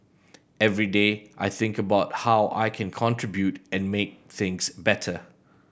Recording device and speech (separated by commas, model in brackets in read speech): boundary microphone (BM630), read sentence